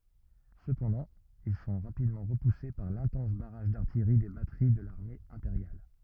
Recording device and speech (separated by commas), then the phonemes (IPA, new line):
rigid in-ear microphone, read sentence
səpɑ̃dɑ̃ il sɔ̃ ʁapidmɑ̃ ʁəpuse paʁ lɛ̃tɑ̃s baʁaʒ daʁtijʁi de batəʁi də laʁme ɛ̃peʁjal